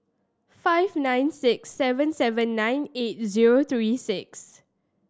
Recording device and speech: standing microphone (AKG C214), read sentence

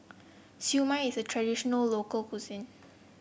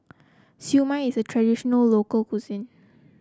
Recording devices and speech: boundary microphone (BM630), close-talking microphone (WH30), read sentence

